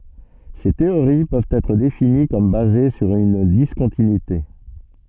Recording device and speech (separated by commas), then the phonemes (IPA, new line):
soft in-ear microphone, read sentence
se teoʁi pøvt ɛtʁ defini kɔm baze syʁ yn diskɔ̃tinyite